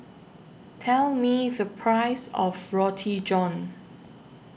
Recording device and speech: boundary microphone (BM630), read sentence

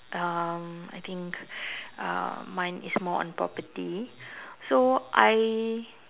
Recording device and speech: telephone, conversation in separate rooms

